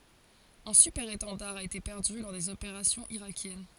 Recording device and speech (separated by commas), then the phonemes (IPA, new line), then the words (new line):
forehead accelerometer, read sentence
œ̃ sypɛʁetɑ̃daʁ a ete pɛʁdy lɔʁ dez opeʁasjɔ̃z iʁakjɛn
Un Super-Étendard a été perdu lors des opérations irakiennes.